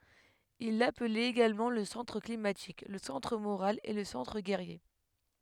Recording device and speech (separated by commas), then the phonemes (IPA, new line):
headset microphone, read sentence
il laplɛt eɡalmɑ̃ lə sɑ̃tʁ klimatik lə sɑ̃tʁ moʁal e lə sɑ̃tʁ ɡɛʁje